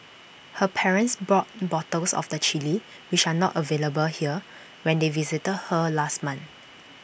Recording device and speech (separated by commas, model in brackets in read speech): boundary microphone (BM630), read sentence